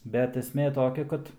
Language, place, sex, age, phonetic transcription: Lithuanian, Aukštaitija, male, 18-60, bet esˈmė ˈtokia ˈkad

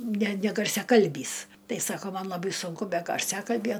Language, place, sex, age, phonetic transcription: Lithuanian, Aukštaitija, female, 60+, ne negarsiaˈkalbys ˈtai ˈsako ˈman laˈbai sunˈku ˈbe garˈsiakalbje

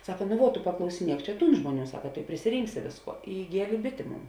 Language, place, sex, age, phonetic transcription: Lithuanian, Žemaitija, female, 18-60, ˈsaka ˈnu vuo tu paklausiˈniek ˈčia ˈtūn ˈžmuoˌnių ˈsaka tu i prisiˈrinksi ˈvėsˌkuo i iˈgielė ˈbitė ˈmon

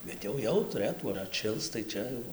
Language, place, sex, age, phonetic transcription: Lithuanian, Dzūkija, male, 18-60, ˈbet jau ˈjau tuˈrɘtų ar atˈšils tai ˈčia jau

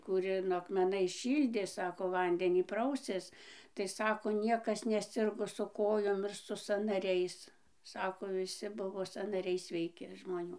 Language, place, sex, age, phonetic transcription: Lithuanian, Dzūkija, female, 60+, kūˈrino akmeˈnais ˈšyldė ˈsako ˈvandenį ˈprausės tai ˈsako ˈniekas neˈsirgo su ˈkojom ˈir su sanaˈriais ˈsako viˈsi ˈbuvo sanaˈriai sveiˈki žmoˈnių

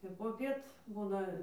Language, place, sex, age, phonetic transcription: Lithuanian, Dzūkija, female, 18-60, ir poˈpiet ˈbūna

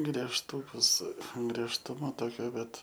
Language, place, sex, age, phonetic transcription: Lithuanian, Aukštaitija, male, 18-60, griežˈtūkus griežˈtuma ˈtokio ˈbet

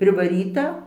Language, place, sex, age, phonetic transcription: Lithuanian, Dzūkija, female, 60+, privaˈryta

